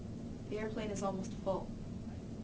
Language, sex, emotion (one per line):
English
female
neutral